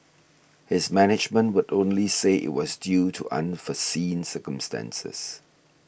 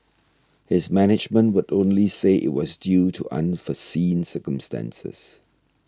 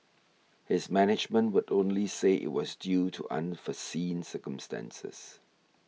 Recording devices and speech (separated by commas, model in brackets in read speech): boundary microphone (BM630), standing microphone (AKG C214), mobile phone (iPhone 6), read sentence